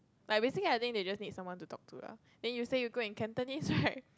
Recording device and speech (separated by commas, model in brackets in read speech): close-talking microphone, conversation in the same room